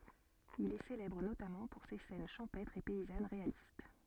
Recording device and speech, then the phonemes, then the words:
soft in-ear microphone, read sentence
il ɛ selɛbʁ notamɑ̃ puʁ se sɛn ʃɑ̃pɛtʁz e pɛizan ʁealist
Il est célèbre notamment pour ses scènes champêtres et paysannes réalistes.

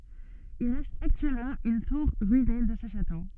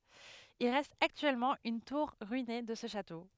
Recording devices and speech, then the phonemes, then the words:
soft in-ear microphone, headset microphone, read sentence
il ʁɛst aktyɛlmɑ̃ yn tuʁ ʁyine də sə ʃato
Il reste actuellement une tour ruinée de ce château.

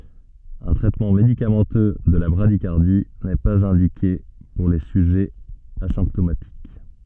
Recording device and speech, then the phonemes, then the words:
soft in-ear microphone, read sentence
œ̃ tʁɛtmɑ̃ medikamɑ̃tø də la bʁadikaʁdi nɛ paz ɛ̃dike puʁ le syʒɛz azɛ̃ptomatik
Un traitement médicamenteux de la bradycardie n'est pas indiqué pour les sujets asymptomatiques.

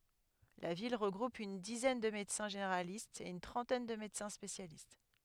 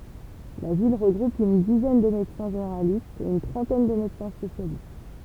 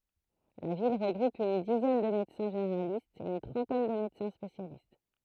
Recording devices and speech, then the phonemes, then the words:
headset microphone, temple vibration pickup, throat microphone, read sentence
la vil ʁəɡʁup yn dizɛn də medəsɛ̃ ʒeneʁalistz e yn tʁɑ̃tɛn də medəsɛ̃ spesjalist
La ville regroupe une dizaine de médecins généralistes et une trentaine de médecins spécialistes.

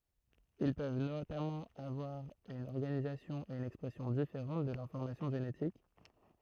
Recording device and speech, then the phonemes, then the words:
throat microphone, read sentence
il pøv notamɑ̃ avwaʁ yn ɔʁɡanizasjɔ̃ e yn ɛkspʁɛsjɔ̃ difeʁɑ̃t də lɛ̃fɔʁmasjɔ̃ ʒenetik
Ils peuvent notamment avoir une organisation et une expression différente de l'information génétique.

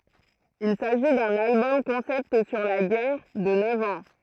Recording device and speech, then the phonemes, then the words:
throat microphone, read sentence
il saʒi dœ̃n albɔm kɔ̃sɛpt syʁ la ɡɛʁ də nœv ɑ̃
Il s'agit d'un album concept sur la guerre de neuf ans.

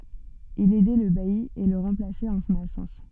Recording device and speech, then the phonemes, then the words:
soft in-ear microphone, read sentence
il ɛdɛ lə baji e lə ʁɑ̃plasɛt ɑ̃ sɔ̃n absɑ̃s
Il aidait le bailli et le remplaçait en son absence.

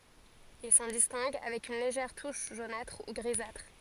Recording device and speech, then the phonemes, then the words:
forehead accelerometer, read sentence
il sɑ̃ distɛ̃ɡ avɛk yn leʒɛʁ tuʃ ʒonatʁ u ɡʁizatʁ
Il s'en distingue avec une légère touche jaunâtre ou grisâtre.

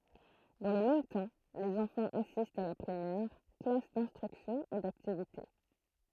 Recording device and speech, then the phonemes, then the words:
throat microphone, read sentence
dɑ̃ lə mɛm tɑ̃ lez ɑ̃fɑ̃z asistt a la pʁimɛʁ klas dɛ̃stʁyksjɔ̃ e daktivite
Dans le même temps, les enfants assistent à la Primaire, classes d'instruction et d'activités.

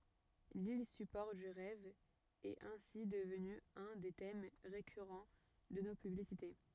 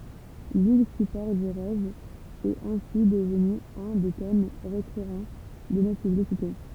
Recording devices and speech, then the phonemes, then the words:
rigid in-ear microphone, temple vibration pickup, read sentence
lil sypɔʁ dy ʁɛv ɛt ɛ̃si dəvny œ̃ de tɛm ʁekyʁɑ̃ də no pyblisite
L'île support du rêve est ainsi devenue un des thèmes récurrent de nos publicités.

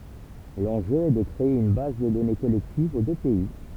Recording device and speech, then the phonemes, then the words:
temple vibration pickup, read sentence
lɑ̃ʒø ɛ də kʁee yn baz də dɔne kɔlɛktiv o dø pɛi
L'enjeu est de créer une base de données collective aux deux pays.

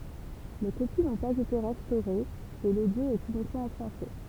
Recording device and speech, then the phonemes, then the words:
temple vibration pickup, read sentence
le kopi nɔ̃ paz ete ʁɛstoʁez e lodjo ɛt ynikmɑ̃ ɑ̃ fʁɑ̃sɛ
Les copies n'ont pas été restaurées et l'audio est uniquement en français.

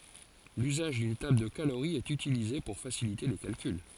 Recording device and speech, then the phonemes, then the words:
forehead accelerometer, read sentence
lyzaʒ dyn tabl də kaloʁi ɛt ytilize puʁ fasilite le kalkyl
L'usage d'une table de calorie est utilisée pour faciliter les calculs.

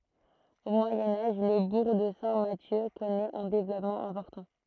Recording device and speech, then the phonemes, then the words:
throat microphone, read sentence
o mwajɛ̃ aʒ lə buʁ də sɛ̃ masjø kɔnɛt œ̃ devlɔpmɑ̃ ɛ̃pɔʁtɑ̃
Au Moyen Âge, le bourg de Saint-Mathieu connaît un développement important.

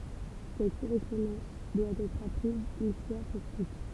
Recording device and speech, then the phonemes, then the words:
temple vibration pickup, read sentence
sɛt koʁɛspɔ̃dɑ̃s dwa ɛtʁ apʁiz yn fwa puʁ tut
Cette correspondance doit être apprise une fois pour toutes.

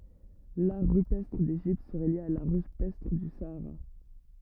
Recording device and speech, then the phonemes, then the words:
rigid in-ear microphone, read sentence
laʁ ʁypɛstʁ deʒipt səʁɛ lje a laʁ ʁypɛstʁ dy saaʁa
L'art rupestre d'Égypte serait lié à l'art rupestre du Sahara.

